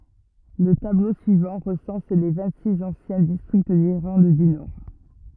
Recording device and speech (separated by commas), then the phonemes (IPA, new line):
rigid in-ear microphone, read sentence
lə tablo syivɑ̃ ʁəsɑ̃s le vɛ̃ɡtsiks ɑ̃sjɛ̃ distʁikt diʁlɑ̃d dy nɔʁ